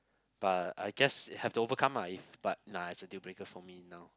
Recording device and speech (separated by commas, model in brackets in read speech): close-talking microphone, conversation in the same room